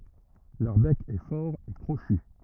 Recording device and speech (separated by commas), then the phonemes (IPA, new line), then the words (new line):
rigid in-ear microphone, read sentence
lœʁ bɛk ɛ fɔʁ e kʁoʃy
Leur bec est fort et crochu.